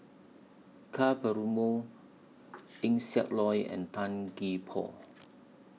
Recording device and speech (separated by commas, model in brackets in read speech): mobile phone (iPhone 6), read sentence